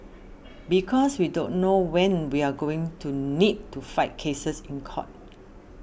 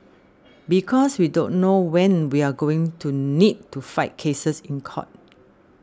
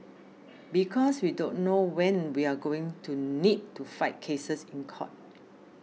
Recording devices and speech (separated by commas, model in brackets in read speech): boundary microphone (BM630), standing microphone (AKG C214), mobile phone (iPhone 6), read sentence